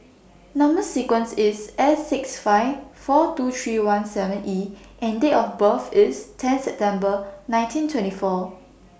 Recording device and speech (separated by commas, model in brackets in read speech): boundary microphone (BM630), read sentence